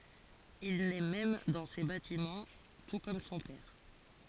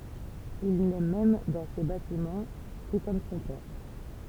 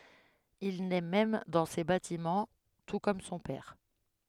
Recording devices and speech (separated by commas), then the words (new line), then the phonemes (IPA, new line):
forehead accelerometer, temple vibration pickup, headset microphone, read sentence
Il naît même dans ces bâtiments, tout comme son père.
il nɛ mɛm dɑ̃ se batimɑ̃ tu kɔm sɔ̃ pɛʁ